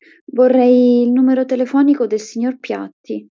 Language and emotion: Italian, neutral